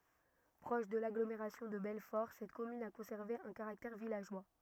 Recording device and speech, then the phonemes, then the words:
rigid in-ear microphone, read sentence
pʁɔʃ də laɡlomeʁasjɔ̃ də bɛlfɔʁ sɛt kɔmyn a kɔ̃sɛʁve œ̃ kaʁaktɛʁ vilaʒwa
Proche de l'agglomération de Belfort, cette commune a conservé un caractère villageois.

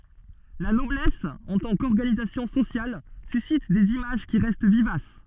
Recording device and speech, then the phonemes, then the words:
soft in-ear microphone, read sentence
la nɔblɛs ɑ̃ tɑ̃ kɔʁɡanizasjɔ̃ sosjal sysit dez imaʒ ki ʁɛst vivas
La noblesse en tant qu'organisation sociale suscite des images qui restent vivaces.

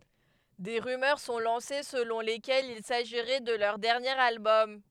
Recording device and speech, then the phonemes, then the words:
headset microphone, read sentence
de ʁymœʁ sɔ̃ lɑ̃se səlɔ̃ lekɛlz il saʒiʁɛ də lœʁ dɛʁnjeʁ albɔm
Des rumeurs sont lancées selon lesquelles il s'agirait de leur dernier album.

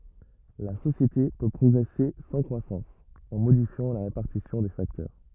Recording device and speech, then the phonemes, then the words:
rigid in-ear microphone, read sentence
la sosjete pø pʁɔɡʁɛse sɑ̃ kʁwasɑ̃s ɑ̃ modifjɑ̃ la ʁepaʁtisjɔ̃ de faktœʁ
La société peut progresser sans croissance, en modifiant la répartition des facteurs.

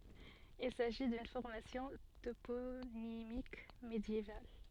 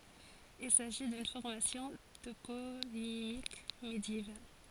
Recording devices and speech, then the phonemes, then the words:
soft in-ear microphone, forehead accelerometer, read sentence
il saʒi dyn fɔʁmasjɔ̃ toponimik medjeval
Il s'agit d'une formation toponymique médiévale.

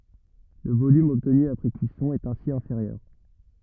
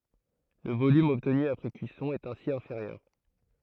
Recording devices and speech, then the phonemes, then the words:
rigid in-ear microphone, throat microphone, read sentence
lə volym ɔbtny apʁɛ kyisɔ̃ ɛt ɛ̃si ɛ̃feʁjœʁ
Le volume obtenu après cuisson est ainsi inférieur.

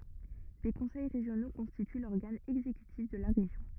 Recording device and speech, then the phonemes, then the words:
rigid in-ear microphone, read sentence
de kɔ̃sɛj ʁeʒjono kɔ̃stity lɔʁɡan ɛɡzekytif də la ʁeʒjɔ̃
Des conseils régionaux constituent l'organe exécutif de la région.

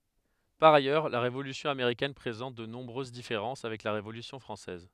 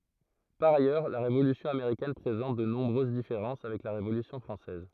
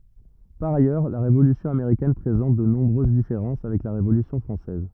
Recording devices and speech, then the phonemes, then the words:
headset microphone, throat microphone, rigid in-ear microphone, read sentence
paʁ ajœʁ la ʁevolysjɔ̃ ameʁikɛn pʁezɑ̃t də nɔ̃bʁøz difeʁɑ̃s avɛk la ʁevolysjɔ̃ fʁɑ̃sɛz
Par ailleurs, la Révolution américaine présente de nombreuses différences avec la Révolution française.

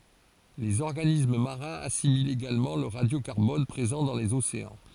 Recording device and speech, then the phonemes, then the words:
forehead accelerometer, read sentence
lez ɔʁɡanism maʁɛ̃z asimilt eɡalmɑ̃ lə ʁadjokaʁbɔn pʁezɑ̃ dɑ̃ lez oseɑ̃
Les organismes marins assimilent également le radiocarbone présent dans les océans.

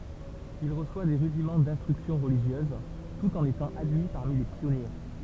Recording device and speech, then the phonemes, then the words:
temple vibration pickup, read sentence
il ʁəswa de ʁydimɑ̃ dɛ̃stʁyksjɔ̃ ʁəliʒjøz tut ɑ̃n etɑ̃ admi paʁmi le pjɔnje
Il reçoit des rudiments d'instruction religieuse, tout en étant admis parmi les Pionniers.

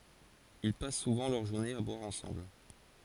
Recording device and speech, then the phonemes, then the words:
forehead accelerometer, read sentence
il pas suvɑ̃ lœʁ ʒuʁnez a bwaʁ ɑ̃sɑ̃bl
Ils passent souvent leurs journées à boire ensemble.

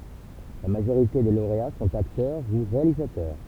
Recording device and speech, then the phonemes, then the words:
temple vibration pickup, read sentence
la maʒoʁite de loʁea sɔ̃t aktœʁ u ʁealizatœʁ
La majorité des lauréats sont acteurs ou réalisateurs.

